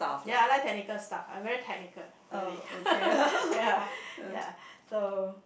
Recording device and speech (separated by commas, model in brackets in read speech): boundary microphone, conversation in the same room